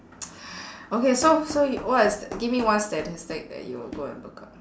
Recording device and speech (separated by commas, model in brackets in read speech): standing microphone, conversation in separate rooms